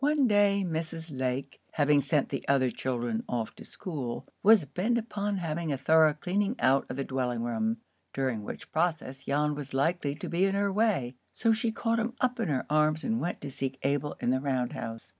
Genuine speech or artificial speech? genuine